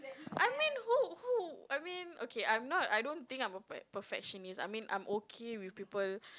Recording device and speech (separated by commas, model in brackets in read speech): close-talking microphone, conversation in the same room